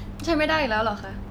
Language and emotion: Thai, frustrated